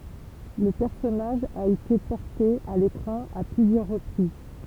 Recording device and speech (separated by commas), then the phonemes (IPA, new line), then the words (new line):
temple vibration pickup, read sentence
lə pɛʁsɔnaʒ a ete pɔʁte a lekʁɑ̃ a plyzjœʁ ʁəpʁiz
Le personnage a été porté à l'écran à plusieurs reprises.